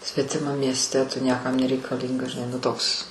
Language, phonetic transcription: Lithuanian, svetiˈmam miesˈte tu ˈniekam nereikaˈlyngas žiˈnai nu ˈtoks

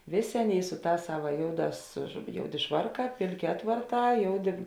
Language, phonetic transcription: Lithuanian, ˈvėˌsė ˈaˌnėi ˈsu ˌtās ˈsava ˈjouˌdās žu ˈjouˌdė ˈšvarˌkā ˈpėlˌkė ˈatvarˌtā ˈjouˌdė

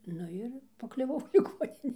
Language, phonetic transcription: Lithuanian, ˈnu ir pakliuˈvau liˈgoninė

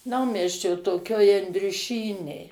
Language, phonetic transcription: Lithuanian, ˈnaumiesčio toˈkioj andriuˈšynėj

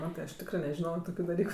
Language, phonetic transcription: Lithuanian, ˈmatɜ aš ˈtikrɜ nežiˈnojo ˈtokiu daˈlyku

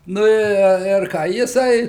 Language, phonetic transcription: Lithuanian, ˈnu i ir ˈką jiˈsai

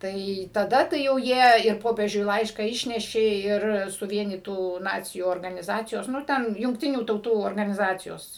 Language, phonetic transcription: Lithuanian, ˈtai taˈda tai jau ˈjie ir ˈpopiežiui ˈlaišką ˈišnešė ˈir suˈvienytų ˈnacijų organiˈzacijos nu ˈten jungˈtinių tauˈtų organiˈzacijos

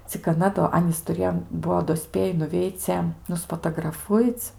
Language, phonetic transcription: Lithuanian, cik aˈna do ˈanys tuˈrėjo ˈbuo do ˈspėji nuˈveice nuspatagraˈfuic

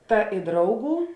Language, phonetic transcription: Lithuanian, ˈta i ˈdrauˌgų

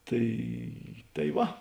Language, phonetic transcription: Lithuanian, ˈtai tai ˈva

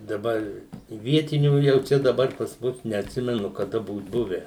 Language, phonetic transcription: Lithuanian, daˈbar i ˈvietinių ˈjau ˈčia daˈbar pas ˈmus neatˈsimenu kaˈda ˈbūt ˈbuvę

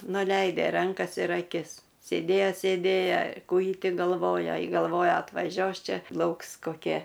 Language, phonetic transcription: Lithuanian, nuˈleide ˈrankas ir aˈkis sėˈdėja sėdˈėja ˈkų ji ˈti galˈvoja galˈvoja atvaˈžiuos ˈčia ˈlauks koˈkie

